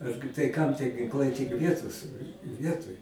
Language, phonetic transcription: Lithuanian, ˈargi tai kam tie ginˈklai tik ˈvietos ˈvietoj

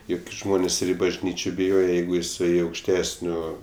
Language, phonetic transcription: Lithuanian, ˈjuk gi ˈžmonės ir i bažˈnyčio biˈjoje ˈjeigu jiˈsai aukšˈtesnio

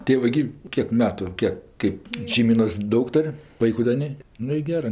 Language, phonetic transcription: Lithuanian, tė ˈva gi ˈkiek ˈmetu ˈkiek ˈkɜp šeiˈmynos ˈdaug ˈtor' ˈvaiku da ˈnė ˈnu i ˈgerɜ

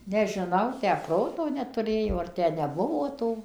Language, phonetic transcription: Lithuanian, nežiˈnau ˈtę ˈproto netuˈrėjo ar ˈtę neˈbuvo tų

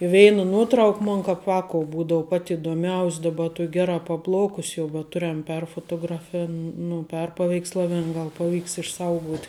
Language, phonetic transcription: Lithuanian, i ˈveina ˈnuotrauk ˈmon kap ˈvākou ˈbūdou pat idoˈmiaus' daˈba ˈtuok' ˈgeˌrā paˈplaukus jau bet ˈturem ˈperfotografin nu ˈperpaveikslavin ˈgal paˈvyks išˈsauguot'

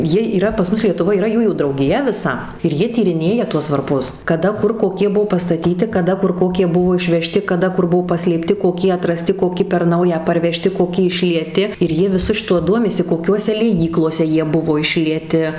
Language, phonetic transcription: Lithuanian, ˈjie yˈra pas ˈmus lietuˈvoj yˈra ˈjųjų draugiˈja viˈsa ir ˈjie tyriˈnėja ˈtuos varˈpus kaˈda ˈkur koˈkie ˈbuo pastaˈtyti kaˈda ˈkur ˈkokie ˈbuvo išveˈžti kaˈda ˈkur ˈbuvo paslėpˈti koˈkie atraˈsti koˈki per ˈnauja parveˈžti koˈki išlieˈti ir ˈjie viˈsu šiˈtu ˈduomisi koˈkiuose lieˈjyklose ˈjie ˈbuvo išlieˈti

